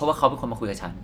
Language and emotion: Thai, neutral